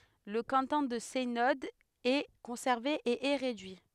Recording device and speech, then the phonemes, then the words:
headset microphone, read sentence
lə kɑ̃tɔ̃ də sɛnɔd ɛ kɔ̃sɛʁve e ɛ ʁedyi
Le canton de Seynod est conservé et est réduit.

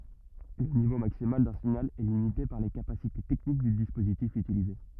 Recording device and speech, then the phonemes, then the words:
rigid in-ear microphone, read sentence
lə nivo maksimal dœ̃ siɲal ɛ limite paʁ le kapasite tɛknik dy dispozitif ytilize
Le niveau maximal d'un signal est limité par les capacités techniques du dispositif utilisé.

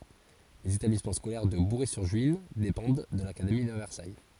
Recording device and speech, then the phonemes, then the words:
forehead accelerometer, read sentence
lez etablismɑ̃ skolɛʁ də buʁɛzyʁʒyin depɑ̃d də lakademi də vɛʁsaj
Les établissements scolaires de Bouray-sur-Juine dépendent de l'académie de Versailles.

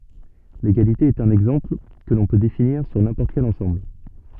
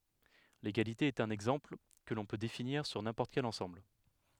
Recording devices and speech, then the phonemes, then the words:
soft in-ear microphone, headset microphone, read sentence
leɡalite ɛt œ̃n ɛɡzɑ̃pl kə lɔ̃ pø definiʁ syʁ nɛ̃pɔʁt kɛl ɑ̃sɑ̃bl
L'égalité est un exemple, que l'on peut définir sur n'importe quel ensemble.

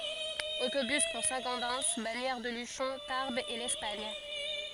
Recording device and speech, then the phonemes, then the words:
forehead accelerometer, read sentence
otobys puʁ sɛ̃ ɡodɛn baɲɛʁ də lyʃɔ̃ taʁbz e lɛspaɲ
Autobus pour Saint-Gaudens, Bagnères-de-Luchon, Tarbes et l'Espagne.

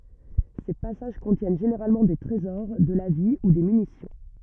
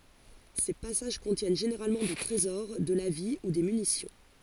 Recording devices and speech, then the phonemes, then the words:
rigid in-ear microphone, forehead accelerometer, read sentence
se pasaʒ kɔ̃tjɛn ʒeneʁalmɑ̃ de tʁezɔʁ də la vi u de mynisjɔ̃
Ces passages contiennent généralement des trésors, de la vie ou des munitions.

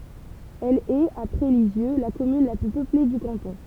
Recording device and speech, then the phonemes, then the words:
temple vibration pickup, read sentence
ɛl ɛt apʁɛ lizjø la kɔmyn la ply pøple dy kɑ̃tɔ̃
Elle est, après Lisieux, la commune la plus peuplée du canton.

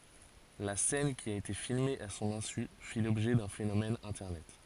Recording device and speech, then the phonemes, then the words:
forehead accelerometer, read sentence
la sɛn ki a ete filme a sɔ̃n ɛ̃sy fi lɔbʒɛ dœ̃ fenomɛn ɛ̃tɛʁnɛt
La scène qui a été filmée à son insu fit l'objet d'un phénomène internet.

